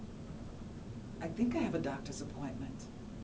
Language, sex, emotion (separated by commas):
English, female, neutral